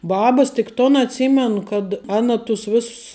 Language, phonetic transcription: Lithuanian, ˈbabas tik ˈton atˈsymenu kad ˈana tus ˈvėss

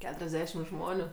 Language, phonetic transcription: Lithuanian, ˈketuriasdešim ˈžmoniu

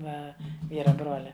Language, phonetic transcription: Lithuanian, ˈva ˈvyra ˈbrolia

